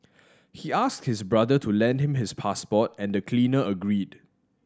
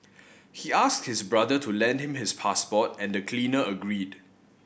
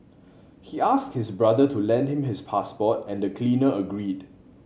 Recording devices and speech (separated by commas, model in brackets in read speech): standing microphone (AKG C214), boundary microphone (BM630), mobile phone (Samsung C7100), read sentence